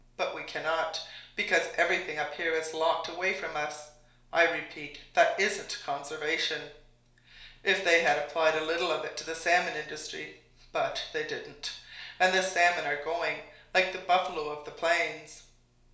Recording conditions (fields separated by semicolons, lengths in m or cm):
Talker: one person; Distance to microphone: 1.0 m; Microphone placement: close; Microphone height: 1.1 m; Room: small (3.7 m by 2.7 m); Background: none